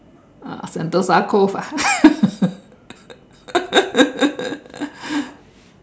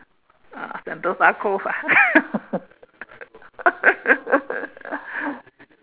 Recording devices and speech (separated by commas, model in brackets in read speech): standing microphone, telephone, conversation in separate rooms